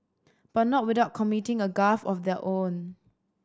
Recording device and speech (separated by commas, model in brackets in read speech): standing microphone (AKG C214), read sentence